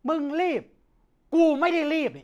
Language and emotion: Thai, angry